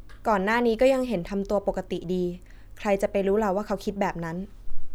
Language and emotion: Thai, neutral